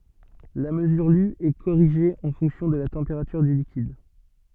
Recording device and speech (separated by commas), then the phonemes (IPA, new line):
soft in-ear microphone, read sentence
la məzyʁ ly ɛ koʁiʒe ɑ̃ fɔ̃ksjɔ̃ də la tɑ̃peʁatyʁ dy likid